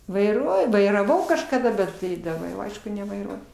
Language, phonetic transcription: Lithuanian, vaiˈruoju vairaˈvau kažkaˈda ˈbet tai daˈba jau ˈaišku nevaiˈruoju

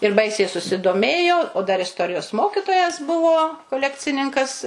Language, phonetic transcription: Lithuanian, ir ˈbaisiai susidoˈmėjo o dar isˈtorijos ˈmokitojas ˈbuvo koˈlekcininkas

